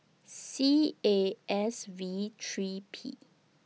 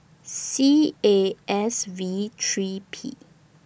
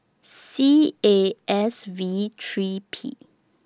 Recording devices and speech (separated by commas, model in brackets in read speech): mobile phone (iPhone 6), boundary microphone (BM630), standing microphone (AKG C214), read sentence